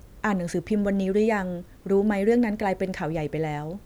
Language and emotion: Thai, neutral